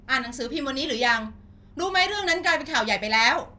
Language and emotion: Thai, angry